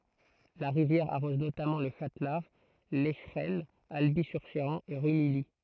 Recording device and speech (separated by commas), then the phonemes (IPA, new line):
throat microphone, read sentence
la ʁivjɛʁ aʁɔz notamɑ̃ lə ʃatlaʁ lɛʃʁɛnə albi syʁ ʃeʁɑ̃ e ʁymiji